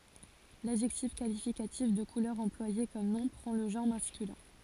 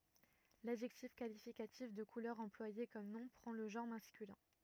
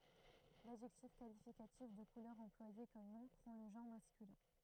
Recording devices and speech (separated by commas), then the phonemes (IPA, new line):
forehead accelerometer, rigid in-ear microphone, throat microphone, read sentence
ladʒɛktif kalifikatif də kulœʁ ɑ̃plwaje kɔm nɔ̃ pʁɑ̃ lə ʒɑ̃ʁ maskylɛ̃